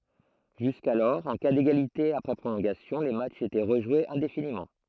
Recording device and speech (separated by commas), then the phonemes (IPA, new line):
throat microphone, read sentence
ʒyskalɔʁ ɑ̃ ka deɡalite apʁɛ pʁolɔ̃ɡasjɔ̃ le matʃz etɛ ʁəʒwez ɛ̃definimɑ̃